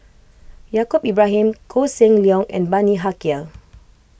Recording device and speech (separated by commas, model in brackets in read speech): boundary microphone (BM630), read sentence